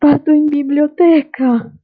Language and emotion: Italian, sad